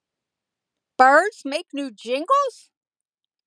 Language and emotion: English, disgusted